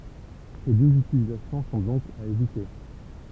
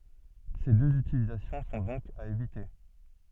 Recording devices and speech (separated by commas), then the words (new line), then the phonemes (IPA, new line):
temple vibration pickup, soft in-ear microphone, read sentence
Ces deux utilisations sont donc à éviter.
se døz ytilizasjɔ̃ sɔ̃ dɔ̃k a evite